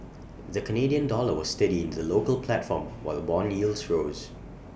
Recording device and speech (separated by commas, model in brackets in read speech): boundary microphone (BM630), read sentence